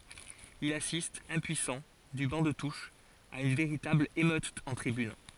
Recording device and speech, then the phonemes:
forehead accelerometer, read sentence
il asist ɛ̃pyisɑ̃ dy bɑ̃ də tuʃ a yn veʁitabl emøt ɑ̃ tʁibyn

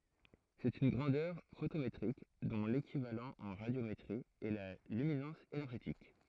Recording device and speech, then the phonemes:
throat microphone, read sentence
sɛt yn ɡʁɑ̃dœʁ fotometʁik dɔ̃ lekivalɑ̃ ɑ̃ ʁadjometʁi ɛ la lyminɑ̃s enɛʁʒetik

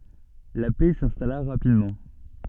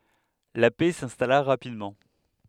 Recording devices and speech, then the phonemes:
soft in-ear microphone, headset microphone, read sentence
la pɛ sɛ̃stala ʁapidmɑ̃

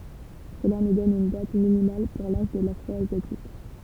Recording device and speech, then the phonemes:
temple vibration pickup, read sentence
səla nu dɔn yn dat minimal puʁ laʒ də lafʁɔazjatik

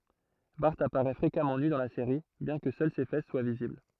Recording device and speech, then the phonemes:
throat microphone, read sentence
baʁ apaʁɛ fʁekamɑ̃ ny dɑ̃ la seʁi bjɛ̃ kə sœl se fɛs swa vizibl

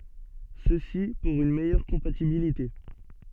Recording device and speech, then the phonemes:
soft in-ear microphone, read sentence
səsi puʁ yn mɛjœʁ kɔ̃patibilite

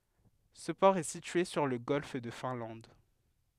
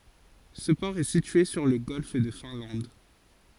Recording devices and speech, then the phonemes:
headset microphone, forehead accelerometer, read sentence
sə pɔʁ ɛ sitye syʁ lə ɡɔlf də fɛ̃lɑ̃d

